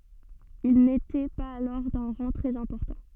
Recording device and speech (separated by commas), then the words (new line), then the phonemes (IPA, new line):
soft in-ear microphone, read sentence
Ils n’étaient pas alors d’un rang très important.
il netɛ paz alɔʁ dœ̃ ʁɑ̃ tʁɛz ɛ̃pɔʁtɑ̃